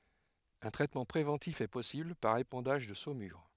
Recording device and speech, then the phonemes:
headset microphone, read sentence
œ̃ tʁɛtmɑ̃ pʁevɑ̃tif ɛ pɔsibl paʁ epɑ̃daʒ də somyʁ

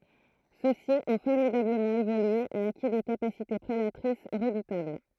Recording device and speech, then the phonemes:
throat microphone, read sentence
sø si ɔ̃ fɔʁmidabləmɑ̃ evolye e aki de kapasite pʁedatʁis ʁədutabl

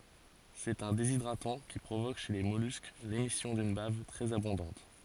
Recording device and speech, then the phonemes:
forehead accelerometer, read sentence
sɛt œ̃ dezidʁatɑ̃ ki pʁovok ʃe le mɔlysk lemisjɔ̃ dyn bav tʁɛz abɔ̃dɑ̃t

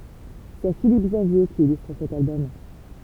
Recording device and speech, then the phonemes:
temple vibration pickup, read sentence
sɛ filip ɡzavje ki ilystʁ sɛt albɔm

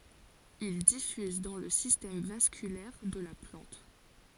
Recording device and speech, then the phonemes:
forehead accelerometer, read sentence
il difyz dɑ̃ lə sistɛm vaskylɛʁ də la plɑ̃t

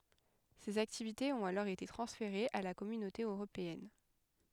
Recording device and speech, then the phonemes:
headset microphone, read sentence
sez aktivitez ɔ̃t alɔʁ ete tʁɑ̃sfeʁez a la kɔmynote øʁopeɛn

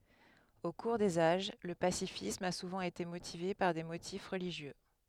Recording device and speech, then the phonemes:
headset microphone, read sentence
o kuʁ dez aʒ lə pasifism a suvɑ̃ ete motive paʁ de motif ʁəliʒjø

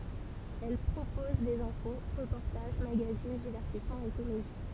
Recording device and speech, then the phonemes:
temple vibration pickup, read sentence
ɛl pʁopɔz dez ɛ̃fo ʁəpɔʁtaʒ maɡazin divɛʁtismɑ̃z e komedi

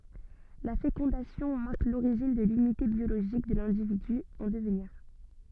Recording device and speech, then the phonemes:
soft in-ear microphone, read sentence
la fekɔ̃dasjɔ̃ maʁk loʁiʒin də lynite bjoloʒik də lɛ̃dividy ɑ̃ dəvniʁ

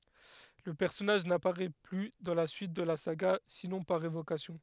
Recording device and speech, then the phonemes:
headset microphone, read sentence
lə pɛʁsɔnaʒ napaʁɛ ply dɑ̃ la syit də la saɡa sinɔ̃ paʁ evokasjɔ̃

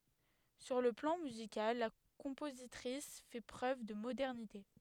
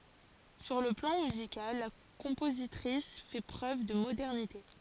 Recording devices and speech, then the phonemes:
headset microphone, forehead accelerometer, read sentence
syʁ lə plɑ̃ myzikal la kɔ̃pozitʁis fɛ pʁøv də modɛʁnite

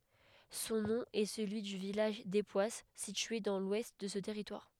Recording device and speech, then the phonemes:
headset microphone, read sentence
sɔ̃ nɔ̃ ɛ səlyi dy vilaʒ depwas sitye dɑ̃ lwɛst də sə tɛʁitwaʁ

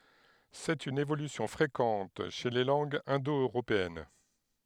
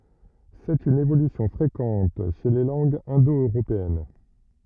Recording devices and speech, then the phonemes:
headset microphone, rigid in-ear microphone, read sentence
sɛt yn evolysjɔ̃ fʁekɑ̃t ʃe le lɑ̃ɡz ɛ̃do øʁopeɛn

